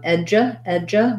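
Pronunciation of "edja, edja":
This is the start of 'education', said twice. It begins with an eh sound, and the 'du' part sounds like a j.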